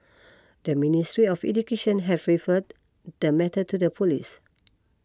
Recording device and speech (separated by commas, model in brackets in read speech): close-talking microphone (WH20), read sentence